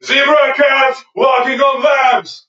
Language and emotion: English, neutral